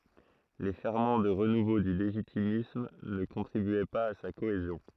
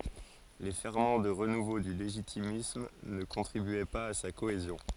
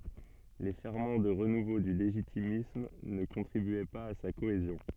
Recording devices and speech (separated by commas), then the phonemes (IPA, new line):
throat microphone, forehead accelerometer, soft in-ear microphone, read sentence
le fɛʁmɑ̃ də ʁənuvo dy leʒitimism nə kɔ̃tʁibyɛ paz a sa koezjɔ̃